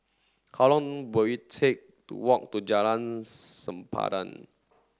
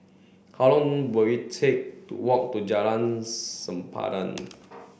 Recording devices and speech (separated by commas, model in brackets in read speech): standing microphone (AKG C214), boundary microphone (BM630), read sentence